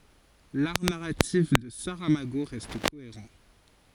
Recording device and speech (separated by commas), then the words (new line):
forehead accelerometer, read sentence
L'art narratif de Saramago reste cohérent.